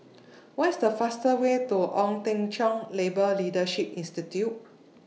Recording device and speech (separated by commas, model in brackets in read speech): mobile phone (iPhone 6), read sentence